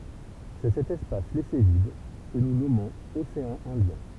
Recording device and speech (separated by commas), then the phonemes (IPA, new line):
temple vibration pickup, read sentence
sɛ sɛt ɛspas lɛse vid kə nu nɔmɔ̃z oseɑ̃ ɛ̃djɛ̃